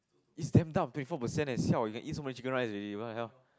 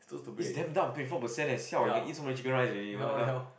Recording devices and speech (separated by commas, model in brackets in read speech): close-talking microphone, boundary microphone, conversation in the same room